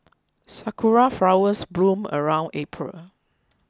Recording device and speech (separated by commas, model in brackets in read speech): close-talking microphone (WH20), read sentence